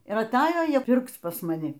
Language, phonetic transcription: Lithuanian, ir aˈtajo ˈjie ˈpirkc pas maˈni

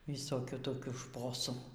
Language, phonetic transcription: Lithuanian, visoˈkių toˈkių ˈšposų

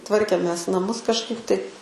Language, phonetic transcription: Lithuanian, ˈtvarkėmės naˈmus kažˈkaip tai

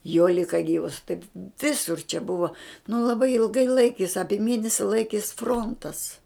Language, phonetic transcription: Lithuanian, jo ˈlika ˈgyvas taip ˈvisur čia ˈbuva nu laˈbai ilˈgai ˈlaikės ˈapie ˈmėnesi ˈlaikės ˈfrontas

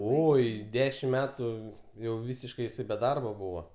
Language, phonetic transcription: Lithuanian, ˈoi ˈdešim ˈmetų jau ˈvysiškai jiˈsai be ˈdarba ˈbūva

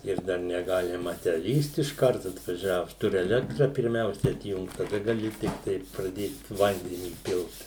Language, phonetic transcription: Lithuanian, ir ˈdar neˈgalima tę ˈlįst išˈkart atvaˈžiavus ˈturi eˈlektra pirˈmiausia atˈjungt taˈda gaˈli tikˈtai praˈdėt ˈvandenį ˈpilt

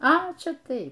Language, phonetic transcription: Lithuanian, a ˈčia ˈtai

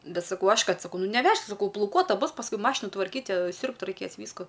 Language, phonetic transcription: Lithuanian, ˈbet saˈkau ˈaš ˈkad saˈkau ˈnu neˈvešk saˈkau plauˈkuota ˈbus pasˈkui ˈmašinu tvarˈkyt ˈsiūrbt raiˈkės ˈvysku

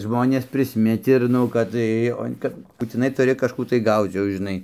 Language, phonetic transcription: Lithuanian, ˈžmonės prisˈmit ir ˈnu kad ˈtai o ˈkap būtiˈnai tuˈri kažˈkų tai ˈgauc jau žiˈnai

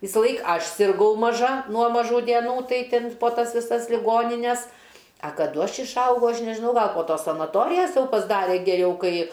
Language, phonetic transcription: Lithuanian, visaˈlaik ˈaš sirˈgau maˈža nuo maˈžų dieˈnų ˈtai ˈtin po ˈtas viˈsas liˈgonines a kaˈdu ˈaš išˈaugau ˈaš nežiˈnau ˈgal po ˈtos sanaˈtorijas ˈjau pasˈdare geˈriau ˈkai

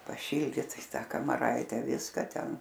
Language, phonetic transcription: Lithuanian, paˈšyldyt i ˈtą kamaˈraite ˈviska ˈten

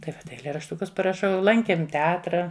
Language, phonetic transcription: Lithuanian, tai ˈva eilėrašˈtukus paraˈšau ˈlankėm teˈatra

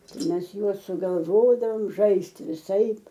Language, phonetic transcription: Lithuanian, ˈtai ˈmes ˈjuos sugalˈvodavom ˈžaisti viˈsaip

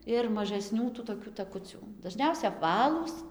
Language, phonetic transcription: Lithuanian, ir mažaˈsnių tų toˈkių taˈkucių daˈžniausia apˈvalūs

